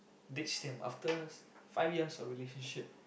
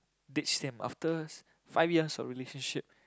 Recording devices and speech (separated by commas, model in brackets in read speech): boundary microphone, close-talking microphone, conversation in the same room